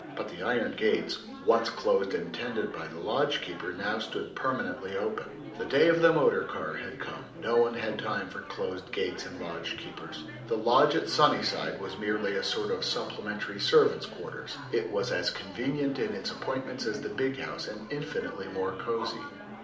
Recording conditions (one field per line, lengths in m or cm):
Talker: one person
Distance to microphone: 2.0 m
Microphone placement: close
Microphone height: 99 cm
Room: medium-sized (5.7 m by 4.0 m)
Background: babble